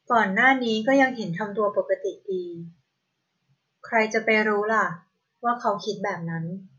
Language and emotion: Thai, neutral